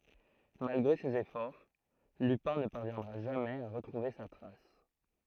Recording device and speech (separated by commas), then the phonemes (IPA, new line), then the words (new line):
throat microphone, read sentence
malɡʁe sez efɔʁ lypɛ̃ nə paʁvjɛ̃dʁa ʒamɛz a ʁətʁuve sa tʁas
Malgré ses efforts, Lupin ne parviendra jamais à retrouver sa trace.